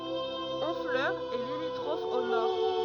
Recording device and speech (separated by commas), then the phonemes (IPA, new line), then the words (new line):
rigid in-ear microphone, read sentence
ɔ̃flœʁ ɛ limitʁɔf o nɔʁ
Honfleur est limitrophe au nord.